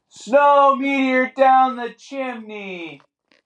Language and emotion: English, sad